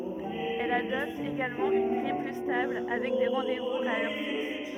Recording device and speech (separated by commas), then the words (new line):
rigid in-ear microphone, read sentence
Elle adopte également une grille plus stable, avec des rendez-vous à heure fixe.